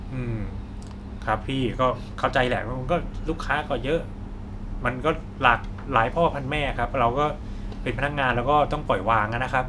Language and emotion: Thai, frustrated